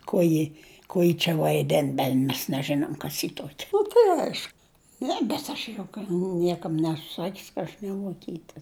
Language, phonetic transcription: Lithuanian, ko ˈji ˈkuo ji čia vaiˈden ˈben' mes neˈženom ˈkas ji ˈtuokia ˈnu tai aiš ˈne bet aš juk ˈniekam ˈnesu ˈsakius ka ˈaš nevuoˈkyte

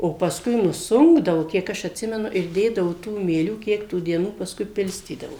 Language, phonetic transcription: Lithuanian, o pasˈkui nuˈsunkdavu ˈkiek aš atˈsimenu ir ˈdėdavu ˈtų mieˈlių ˈkiek tų dieˈnų pasˈkui ˈpilstydavo

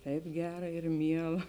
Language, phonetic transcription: Lithuanian, ˈtaip ˈgera ir ˈmiela

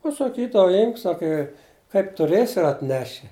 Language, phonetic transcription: Lithuanian, pasaˈkydava ˈimk ˈsaka i kaip tuˈrėsi ir atˈneši

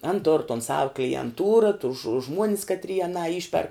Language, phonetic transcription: Lithuanian, an tor ton sav klienˈtūra tus žu ˈžmuonis katˈrie aˈnā ˈišperk

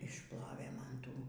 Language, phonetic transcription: Lithuanian, išˈplovė ˈman ˈtų

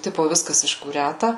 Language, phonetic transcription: Lithuanian, ˈtipo ˈviskas iškūˈræta

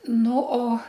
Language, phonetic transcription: Lithuanian, ˈnu o

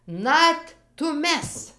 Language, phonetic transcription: Lithuanian, ˈnat tuˈmes

